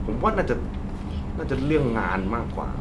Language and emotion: Thai, neutral